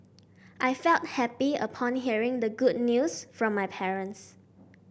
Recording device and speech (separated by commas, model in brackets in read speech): boundary microphone (BM630), read sentence